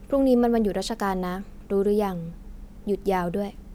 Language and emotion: Thai, neutral